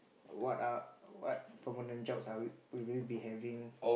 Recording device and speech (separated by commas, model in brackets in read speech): boundary microphone, conversation in the same room